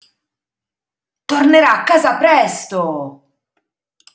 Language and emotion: Italian, angry